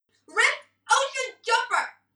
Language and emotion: English, angry